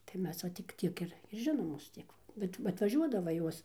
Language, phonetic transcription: Lithuanian, tai ˈmes va tik ˈtiek ir ir ˈžinomos ˈtiek va bet atvaˈžiuodava ˈjuos

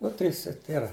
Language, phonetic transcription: Lithuanian, ˈnu ˈtrys ir ˈtėra

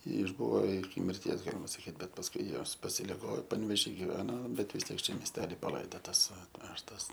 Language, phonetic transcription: Lithuanian, išˈbuvo iki mirˈties ˈgalima saˈkyt ˈbet pasˈkui ˈjos pasiliˈgo panvėˈžy giˈveno ˈbet vis ˈtiek ˈčia miesˈteli paˈlaidotas atˈvežtas

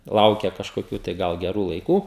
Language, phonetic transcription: Lithuanian, ˈlaukia kažkoˈkių tai ˈgal geˈrų laiˈkų

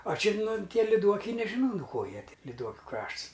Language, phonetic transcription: Lithuanian, a ˈči ˈnu ˈtie liˈduokiai nežiˈnau nu ˈko ˈjie liˈduokiu ˈkrašts

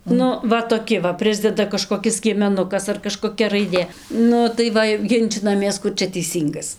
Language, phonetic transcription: Lithuanian, ˈnu ˈva toˈki va ˈprisdeda kažkoˈkis skiemeˈnukas ar kažkoˈkia raiˈdė ˈnu tai ˈva jau ˈginčinamės ˈkur čia teiˈsyngas

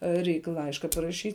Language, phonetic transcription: Lithuanian, ˈreik ˈlaiška paraˈšyt'

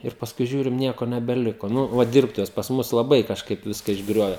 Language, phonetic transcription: Lithuanian, ir pasˈkui ˈžiūrim ˈnieko nebeˈliko ˈnu ˈva ˈdirbtuves pas ˈmus laˈbai kažˈkaip ˈviska išˈgriove

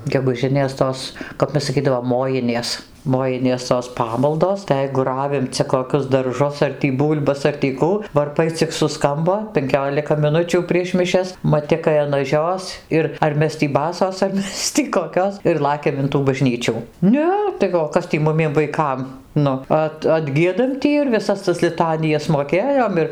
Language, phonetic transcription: Lithuanian, geguˈžinės ˈtos kap ˈmes saˈkydavom ˈmojinės ˈmojinės tos ˈpamaldos tai ˈjeigu ˈravim ˈcia koˈkius darˈžus ar tį ˈbūl'bas ar tį ˈkų varˈpai cik suˈskambo penˈkiolika miˈnučių prieš miˈšias maˈtikai an aˈžios ˈir ar ˈmes tį ˈbasos ar ˈmes tį koˈkios ir ˈlakiam in tų baˈžnyčių ˈne tai o ˈkas tį ˈmumiem vaiˈkam ˈnu ˈat atˈgiedam ˈtį ir viˈsas tas liˈtanijas moˈkėjom ir

